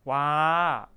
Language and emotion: Thai, frustrated